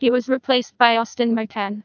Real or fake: fake